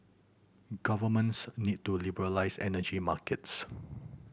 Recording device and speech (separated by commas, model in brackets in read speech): boundary microphone (BM630), read sentence